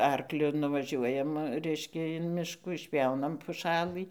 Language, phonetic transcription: Lithuanian, ˈarkliu nuvaˈžiuojam ˈreiškia in ˈmiškų išpˈjaunam puˈšalɨ

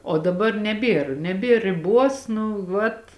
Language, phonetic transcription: Lithuanian, o daˈbar neˈbėr neˈbėr riˈbuos nu ˈvat

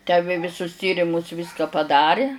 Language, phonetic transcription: Lithuanian, tę ˈvė viˈsus ˈtyrimus ˈvyską paˈdari

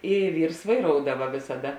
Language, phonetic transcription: Lithuanian, i ˈvyrs vaiˈroudava vėsaˈda

